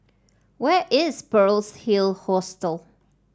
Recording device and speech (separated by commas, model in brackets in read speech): standing microphone (AKG C214), read sentence